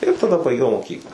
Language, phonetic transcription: Lithuanian, ir taˈda baiˈgiau moˈkykla

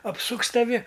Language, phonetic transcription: Lithuanian, apˈsuks taˈvi

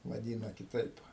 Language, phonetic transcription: Lithuanian, vaˈdyna kiˈtaip

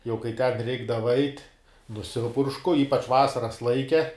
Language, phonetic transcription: Lithuanian, jau kai ten ˈreikdava ait' nuˈsipuršku ˈypač ˈvasaras ˈlaike

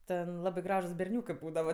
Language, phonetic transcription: Lithuanian, ˈten ˈlabɜ ˈgražūs berˈniūkɜ ˈbūdava

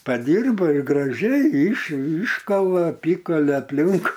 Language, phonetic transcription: Lithuanian, paˈdyrba ir graˈžiai yš ˈyškala aˈpykale aplink

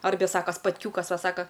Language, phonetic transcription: Lithuanian, ˈarbe ˈsako spatˈkiūkas ˈva ˈsaka

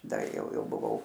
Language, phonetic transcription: Lithuanian, ˈda ˈjau ˈjau buˈvau

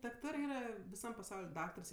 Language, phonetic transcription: Lithuanian, dakˈtarɜ ˈyra viˈsam paˈsaul' ˈdaktars

